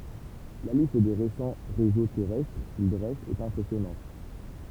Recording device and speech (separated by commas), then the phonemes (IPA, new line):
temple vibration pickup, read sentence
la list de ʁesɑ̃ ʁezo tɛʁɛstʁ kil dʁɛst ɛt ɛ̃pʁɛsjɔnɑ̃t